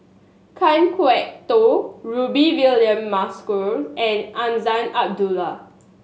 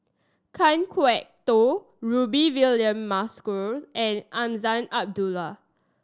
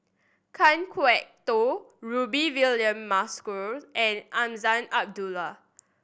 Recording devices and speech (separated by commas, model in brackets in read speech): mobile phone (Samsung S8), standing microphone (AKG C214), boundary microphone (BM630), read sentence